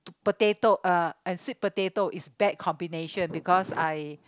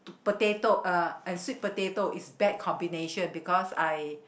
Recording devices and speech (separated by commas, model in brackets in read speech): close-talking microphone, boundary microphone, conversation in the same room